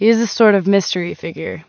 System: none